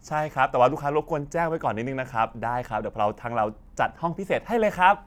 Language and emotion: Thai, happy